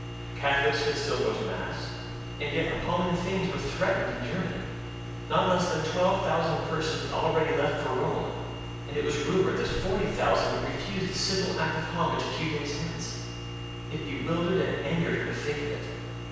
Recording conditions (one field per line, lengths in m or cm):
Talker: one person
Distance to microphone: 7.1 m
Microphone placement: far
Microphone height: 1.7 m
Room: very reverberant, large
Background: none